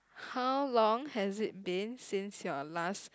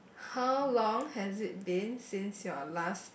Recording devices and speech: close-talking microphone, boundary microphone, conversation in the same room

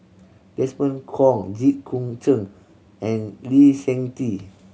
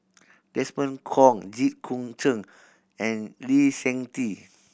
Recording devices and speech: mobile phone (Samsung C7100), boundary microphone (BM630), read sentence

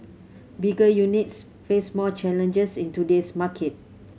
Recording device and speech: mobile phone (Samsung C7100), read sentence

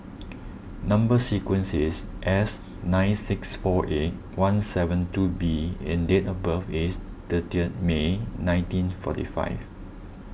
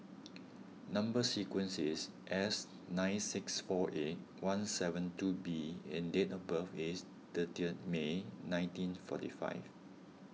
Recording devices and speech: boundary microphone (BM630), mobile phone (iPhone 6), read sentence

